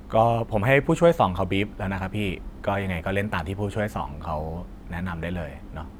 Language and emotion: Thai, neutral